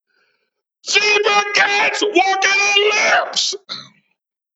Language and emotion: English, disgusted